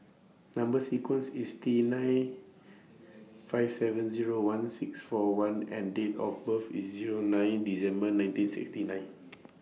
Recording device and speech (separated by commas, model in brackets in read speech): mobile phone (iPhone 6), read sentence